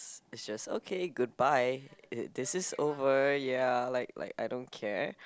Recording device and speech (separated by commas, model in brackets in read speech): close-talking microphone, conversation in the same room